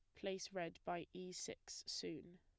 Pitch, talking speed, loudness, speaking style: 180 Hz, 165 wpm, -48 LUFS, plain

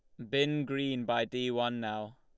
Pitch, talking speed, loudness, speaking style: 120 Hz, 195 wpm, -33 LUFS, Lombard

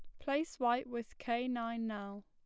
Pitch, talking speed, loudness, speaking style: 235 Hz, 175 wpm, -38 LUFS, plain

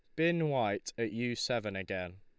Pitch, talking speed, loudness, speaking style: 115 Hz, 180 wpm, -34 LUFS, Lombard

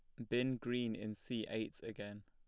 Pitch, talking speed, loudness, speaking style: 115 Hz, 190 wpm, -41 LUFS, plain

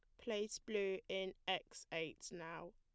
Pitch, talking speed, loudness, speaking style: 190 Hz, 140 wpm, -45 LUFS, plain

